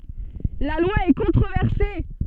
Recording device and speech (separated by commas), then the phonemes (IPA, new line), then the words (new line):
soft in-ear microphone, read sentence
la lwa ɛ kɔ̃tʁovɛʁse
La loi est controversée.